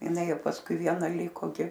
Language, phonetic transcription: Lithuanian, iˈnai ˈjau pasˈkui ˈviena ˈlyko ˈgi

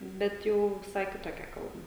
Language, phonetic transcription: Lithuanian, ˈbet ˈjau viˈsai kitoˈkia ˈkalba

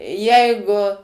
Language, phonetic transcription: Lithuanian, ˈjeigu

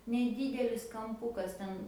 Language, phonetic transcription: Lithuanian, neˈdydelis kamˈpukas ˈten

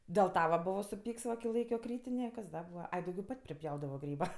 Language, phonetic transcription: Lithuanian, dėl ˈta va ˈbuvo suˈpyks va ki ˈlaikio ˈkrytinė kas ˈda ˈbūva ˈai dauˈgiau ˈpat' priˈpjaudavo ˈgryba

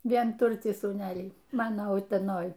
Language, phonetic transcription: Lithuanian, vienˈturtį sūˈnelį ˈmano uteˈnoj

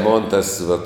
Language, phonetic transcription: Lithuanian, ˈmon ˈtas vat

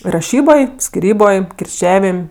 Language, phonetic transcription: Lithuanian, raˈšyboj skiˈryboj kirˈčiavim'

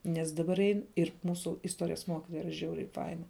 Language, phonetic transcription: Lithuanian, nes ˈdabar ˈein ir ˈmūsu isˈtuorijas ˈmuokitoja ˈyra ˈžiauriai ˈfaina

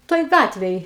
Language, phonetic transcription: Lithuanian, ˈtoj ˈgatvėj

